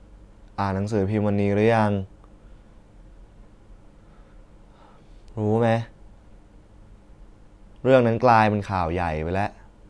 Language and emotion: Thai, frustrated